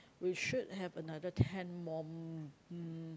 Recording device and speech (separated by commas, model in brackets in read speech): close-talking microphone, conversation in the same room